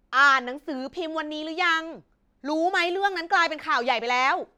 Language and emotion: Thai, angry